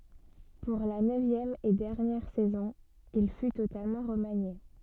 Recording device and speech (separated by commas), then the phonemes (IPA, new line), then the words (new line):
soft in-ear microphone, read sentence
puʁ la nøvjɛm e dɛʁnjɛʁ sɛzɔ̃ il fy totalmɑ̃ ʁəmanje
Pour la neuvième et dernière saison, il fut totalement remanié.